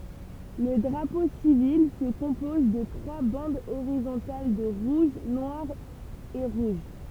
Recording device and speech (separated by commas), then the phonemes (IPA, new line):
temple vibration pickup, read sentence
lə dʁapo sivil sə kɔ̃pɔz də tʁwa bɑ̃dz oʁizɔ̃tal də ʁuʒ nwaʁ e ʁuʒ